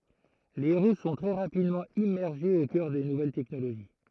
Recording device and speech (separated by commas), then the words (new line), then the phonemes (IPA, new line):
throat microphone, read sentence
Les héros sont très rapidement immergés aux cœurs des nouvelles technologies.
le eʁo sɔ̃ tʁɛ ʁapidmɑ̃ immɛʁʒez o kœʁ de nuvɛl tɛknoloʒi